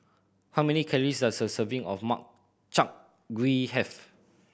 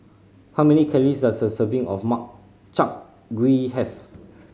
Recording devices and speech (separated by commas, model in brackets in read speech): boundary microphone (BM630), mobile phone (Samsung C5010), read sentence